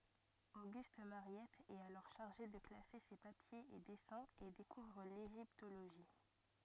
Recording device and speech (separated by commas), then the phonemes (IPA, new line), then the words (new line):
rigid in-ear microphone, read sentence
oɡyst maʁjɛt ɛt alɔʁ ʃaʁʒe də klase se papjez e dɛsɛ̃z e dekuvʁ leʒiptoloʒi
Auguste Mariette est alors chargé de classer ses papiers et dessins et découvre l’égyptologie.